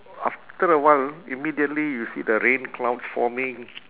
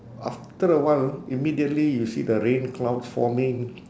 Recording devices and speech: telephone, standing microphone, conversation in separate rooms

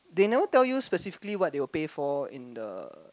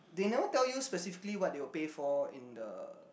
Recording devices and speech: close-talking microphone, boundary microphone, conversation in the same room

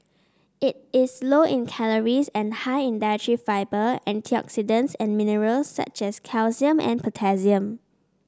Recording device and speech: standing microphone (AKG C214), read sentence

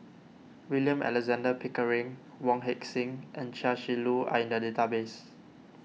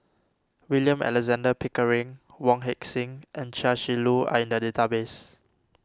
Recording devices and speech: mobile phone (iPhone 6), standing microphone (AKG C214), read sentence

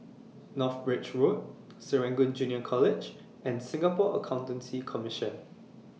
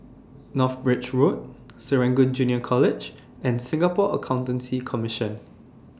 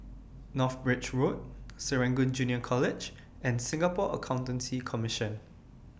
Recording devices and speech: mobile phone (iPhone 6), standing microphone (AKG C214), boundary microphone (BM630), read sentence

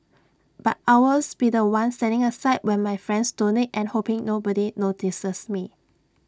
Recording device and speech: standing microphone (AKG C214), read sentence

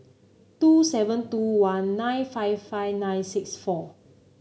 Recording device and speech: mobile phone (Samsung C9), read sentence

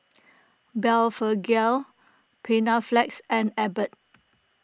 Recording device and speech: close-talking microphone (WH20), read sentence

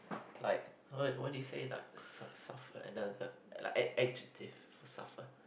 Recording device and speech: boundary microphone, conversation in the same room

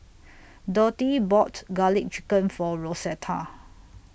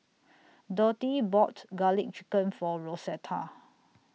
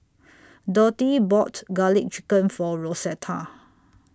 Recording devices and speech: boundary microphone (BM630), mobile phone (iPhone 6), standing microphone (AKG C214), read sentence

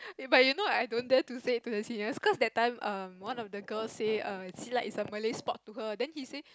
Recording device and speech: close-talking microphone, conversation in the same room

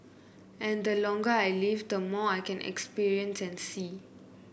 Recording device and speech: boundary microphone (BM630), read sentence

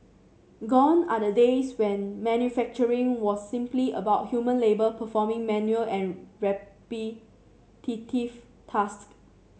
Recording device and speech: mobile phone (Samsung C7), read sentence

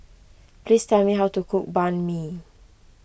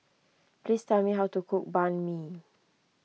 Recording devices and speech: boundary microphone (BM630), mobile phone (iPhone 6), read sentence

